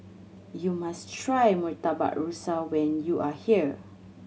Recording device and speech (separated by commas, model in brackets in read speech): mobile phone (Samsung C7100), read sentence